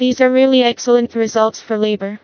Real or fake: fake